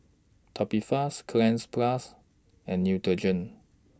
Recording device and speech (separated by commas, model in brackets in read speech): standing microphone (AKG C214), read sentence